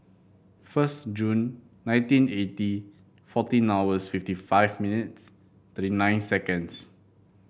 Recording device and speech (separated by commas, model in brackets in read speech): boundary microphone (BM630), read sentence